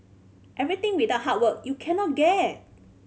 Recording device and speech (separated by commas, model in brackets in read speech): mobile phone (Samsung C5010), read sentence